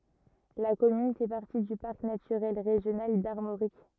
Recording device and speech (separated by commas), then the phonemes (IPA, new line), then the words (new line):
rigid in-ear microphone, read sentence
la kɔmyn fɛ paʁti dy paʁk natyʁɛl ʁeʒjonal daʁmoʁik
La commune fait partie du Parc naturel régional d'Armorique.